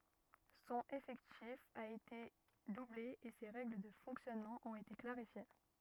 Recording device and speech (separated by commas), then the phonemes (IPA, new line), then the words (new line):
rigid in-ear microphone, read sentence
sɔ̃n efɛktif a ete duble e se ʁɛɡl də fɔ̃ksjɔnmɑ̃ ɔ̃t ete klaʁifje
Son effectif a été doublé et ses règles de fonctionnement ont été clarifiées.